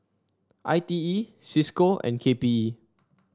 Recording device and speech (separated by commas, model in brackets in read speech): standing microphone (AKG C214), read sentence